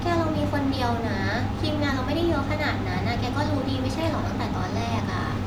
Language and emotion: Thai, frustrated